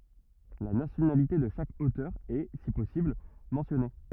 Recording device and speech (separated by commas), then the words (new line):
rigid in-ear microphone, read sentence
La nationalité de chaque auteur est, si possible, mentionnée.